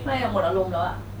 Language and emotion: Thai, frustrated